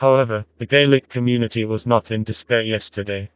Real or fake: fake